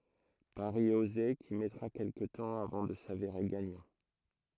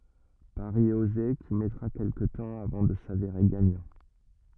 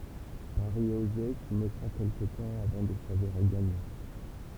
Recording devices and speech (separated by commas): throat microphone, rigid in-ear microphone, temple vibration pickup, read sentence